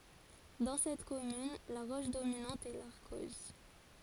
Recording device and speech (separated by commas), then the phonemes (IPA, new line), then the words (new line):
forehead accelerometer, read sentence
dɑ̃ sɛt kɔmyn la ʁɔʃ dominɑ̃t ɛ laʁkɔz
Dans cette commune, la roche dominante est l'arkose.